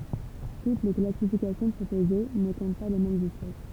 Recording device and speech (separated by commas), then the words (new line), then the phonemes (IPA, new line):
temple vibration pickup, read sentence
Toutes les classifications proposées ne comptent pas les mêmes espèces.
tut le klasifikasjɔ̃ pʁopoze nə kɔ̃t pa le mɛmz ɛspɛs